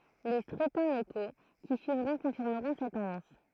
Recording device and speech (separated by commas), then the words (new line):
throat microphone, read sentence
Les scrutins locaux qui suivront confirmeront cette tendance.